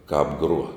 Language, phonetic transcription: Lithuanian, ˈkāp ˈgruo

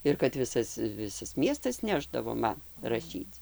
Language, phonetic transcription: Lithuanian, ir kad ˈvisas ˈvisas ˈmiestas ˈnešdavo ˈman raˈšyc

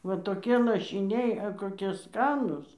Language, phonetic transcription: Lithuanian, va toˈkie lašiˈniai a koˈkie ˈskanus

